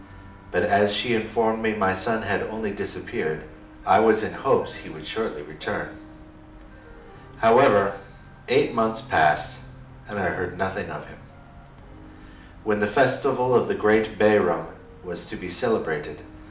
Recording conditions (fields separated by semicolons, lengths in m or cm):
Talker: one person; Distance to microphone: 2.0 m; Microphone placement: close; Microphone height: 99 cm; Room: medium-sized (5.7 m by 4.0 m); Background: music